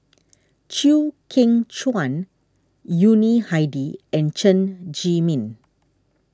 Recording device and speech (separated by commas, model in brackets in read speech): standing microphone (AKG C214), read sentence